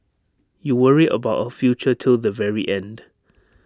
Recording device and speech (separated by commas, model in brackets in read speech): standing microphone (AKG C214), read sentence